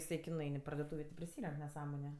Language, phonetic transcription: Lithuanian, iˈsai ki nuˈain i pardoˈtūvė ti priˈsyrenk neˈsąmoniu

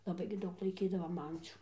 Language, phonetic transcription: Lithuanian, laˈbai gi ˈdaug laiˈkydavom ˈancių

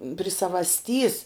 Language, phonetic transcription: Lithuanian, pri savasˈtys

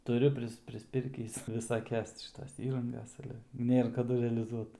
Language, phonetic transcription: Lithuanian, tuˈriu pris prisˈpirkįs visaˈkias ti šiˈtos ˈįrangas ˈale ˈnėr kaˈdu realiˈzuot

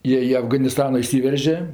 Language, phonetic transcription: Lithuanian, ˈjie i afganiˈstani iˈsyverže

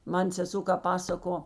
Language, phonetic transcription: Lithuanian, ˈman seˈso kap ˈpasako

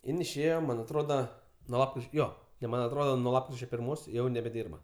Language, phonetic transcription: Lithuanian, ˈin išˈėjo ˈman' atˈroda ˈnuo ˈjo jau ˈman' atˈroda nuo ˈlapkričio pirˈmos ˈjau nebeˈdyrba

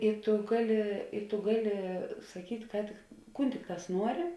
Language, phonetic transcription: Lithuanian, i tu ˈgaˌli i tu ˈgaˌli saˈkyt' ˈką tik ˈkūn ˈtikˌtās ˈnuori

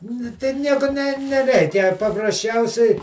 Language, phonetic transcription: Lithuanian, nu ˈtai ˈnieku ne neˈreikia paprasˈčiausiai

